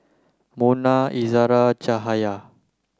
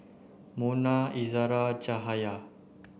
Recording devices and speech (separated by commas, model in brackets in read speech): close-talking microphone (WH30), boundary microphone (BM630), read sentence